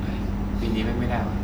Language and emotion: Thai, frustrated